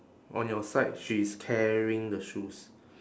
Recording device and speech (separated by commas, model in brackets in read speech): standing microphone, conversation in separate rooms